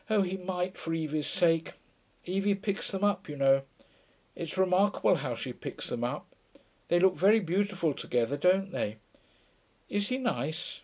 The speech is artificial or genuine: genuine